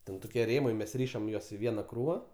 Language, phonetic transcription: Lithuanian, ˈten ˈtokie ˈrėmai ˈmes ˈryšam ˈjuos i ˈviena ˈkrūva

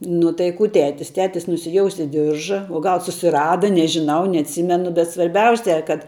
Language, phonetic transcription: Lithuanian, nu tai ˈkų ˈtetis tˈetis nusiˈjousė ˈdirža o ˈgal susiˈrada nežiˈnau neatˈsimenu bet svarˈbiausia kad

